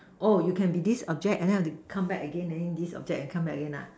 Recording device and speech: standing microphone, conversation in separate rooms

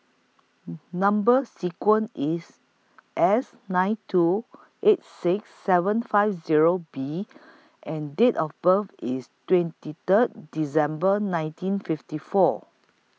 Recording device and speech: mobile phone (iPhone 6), read sentence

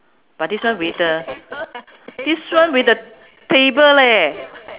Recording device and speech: telephone, conversation in separate rooms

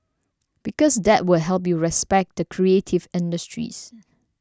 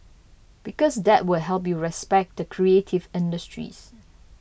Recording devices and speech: standing microphone (AKG C214), boundary microphone (BM630), read sentence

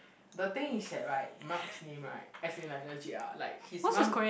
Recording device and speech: boundary microphone, conversation in the same room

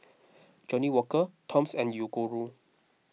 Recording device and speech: mobile phone (iPhone 6), read sentence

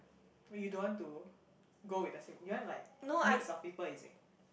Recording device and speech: boundary microphone, conversation in the same room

